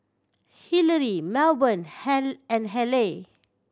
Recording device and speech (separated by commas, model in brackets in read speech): standing microphone (AKG C214), read sentence